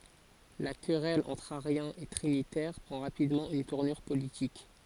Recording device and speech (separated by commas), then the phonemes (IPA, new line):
forehead accelerometer, read sentence
la kʁɛl ɑ̃tʁ aʁjɛ̃z e tʁinitɛʁ pʁɑ̃ ʁapidmɑ̃ yn tuʁnyʁ politik